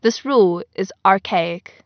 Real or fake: real